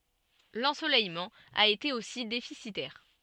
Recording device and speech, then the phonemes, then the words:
soft in-ear microphone, read sentence
lɑ̃solɛjmɑ̃ a ete osi defisitɛʁ
L'ensoleillement a été aussi déficitaire.

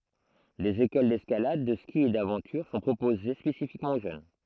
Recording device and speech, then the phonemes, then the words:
throat microphone, read sentence
dez ekol dɛskalad də ski e davɑ̃tyʁ sɔ̃ pʁopoze spesifikmɑ̃ o ʒøn
Des écoles d’escalade, de ski et d’aventure sont proposées spécifiquement aux jeunes.

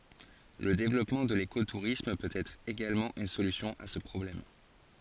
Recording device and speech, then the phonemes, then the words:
forehead accelerometer, read sentence
lə devlɔpmɑ̃ də leko tuʁism pøt ɛtʁ eɡalmɑ̃ yn solysjɔ̃ a sə pʁɔblɛm
Le développement de l'éco-tourisme peut être également une solution à ce problème.

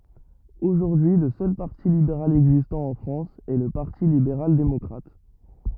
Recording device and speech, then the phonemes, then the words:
rigid in-ear microphone, read sentence
oʒuʁdyi lə sœl paʁti libeʁal ɛɡzistɑ̃ ɑ̃ fʁɑ̃s ɛ lə paʁti libeʁal demɔkʁat
Aujourd'hui le seul parti libéral existant en France est le Parti libéral démocrate.

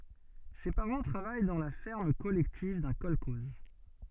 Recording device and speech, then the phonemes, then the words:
soft in-ear microphone, read sentence
se paʁɑ̃ tʁavaj dɑ̃ la fɛʁm kɔlɛktiv dœ̃ kɔlkɔz
Ses parents travaillent dans la ferme collective d'un kolkhoze.

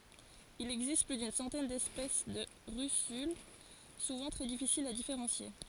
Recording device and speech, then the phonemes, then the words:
forehead accelerometer, read sentence
il ɛɡzist ply dyn sɑ̃tɛn dɛspɛs də ʁysyl suvɑ̃ tʁɛ difisilz a difeʁɑ̃sje
Il existe plus d'une centaine d'espèces de russules, souvent très difficiles à différencier.

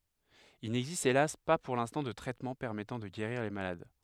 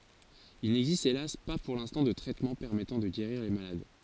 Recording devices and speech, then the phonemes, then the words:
headset microphone, forehead accelerometer, read sentence
il nɛɡzist elas pa puʁ lɛ̃stɑ̃ də tʁɛtmɑ̃ pɛʁmɛtɑ̃ də ɡeʁiʁ le malad
Il n'existe hélas pas pour l'instant de traitement permettant de guérir les malades.

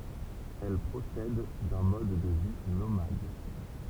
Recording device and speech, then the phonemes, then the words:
temple vibration pickup, read sentence
ɛl pʁosɛd dœ̃ mɔd də vi nomad
Elles procèdent d'un mode de vie nomade.

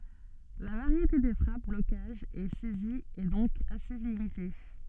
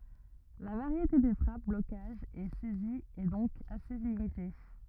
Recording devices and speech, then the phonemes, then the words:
soft in-ear microphone, rigid in-ear microphone, read sentence
la vaʁjete de fʁap blokaʒz e sɛziz ɛ dɔ̃k ase limite
La variété des frappes, blocages et saisies est donc assez limitée.

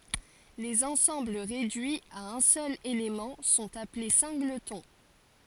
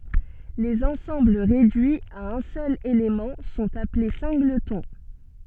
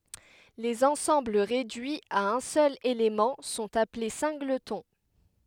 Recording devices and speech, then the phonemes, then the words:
forehead accelerometer, soft in-ear microphone, headset microphone, read sentence
lez ɑ̃sɑ̃bl ʁedyiz a œ̃ sœl elemɑ̃ sɔ̃t aple sɛ̃ɡlətɔ̃
Les ensembles réduits à un seul élément sont appelés singletons.

